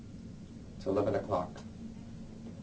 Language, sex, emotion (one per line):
English
male
neutral